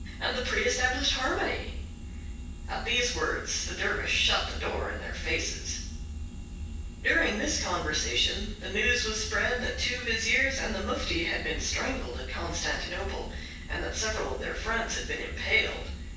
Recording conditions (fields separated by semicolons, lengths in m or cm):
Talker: one person; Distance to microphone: 9.8 m; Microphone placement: far; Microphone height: 1.8 m; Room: large; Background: none